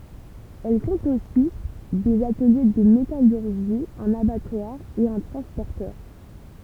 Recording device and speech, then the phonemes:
temple vibration pickup, read sentence
ɛl kɔ̃t osi dez atəlje də metalyʁʒi œ̃n abatwaʁ e œ̃ tʁɑ̃spɔʁtœʁ

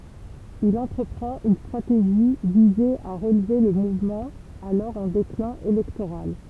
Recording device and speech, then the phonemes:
temple vibration pickup, read sentence
il ɑ̃tʁəpʁɑ̃t yn stʁateʒi vize a ʁəlve lə muvmɑ̃ alɔʁ ɑ̃ deklɛ̃ elɛktoʁal

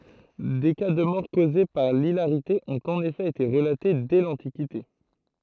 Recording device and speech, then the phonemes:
throat microphone, read sentence
de ka də mɔʁ koze paʁ lilaʁite ɔ̃t ɑ̃n efɛ ete ʁəlate dɛ lɑ̃tikite

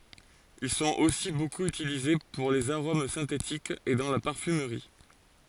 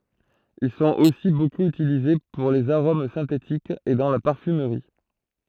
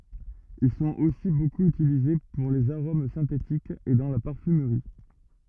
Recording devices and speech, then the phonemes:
forehead accelerometer, throat microphone, rigid in-ear microphone, read sentence
il sɔ̃t osi bokup ytilize puʁ lez aʁom sɛ̃tetikz e dɑ̃ la paʁfymʁi

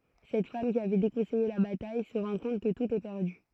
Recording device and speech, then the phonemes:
throat microphone, read sentence
sɛt fam ki avɛ dekɔ̃sɛje la bataj sə ʁɑ̃ kɔ̃t kə tut ɛ pɛʁdy

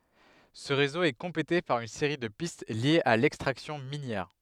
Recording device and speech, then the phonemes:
headset microphone, read sentence
sə ʁezo ɛ kɔ̃plete paʁ yn seʁi də pist ljez a lɛkstʁaksjɔ̃ minjɛʁ

